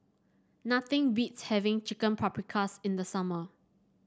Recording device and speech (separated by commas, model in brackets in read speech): standing microphone (AKG C214), read sentence